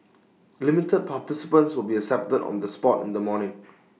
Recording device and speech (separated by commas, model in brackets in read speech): mobile phone (iPhone 6), read sentence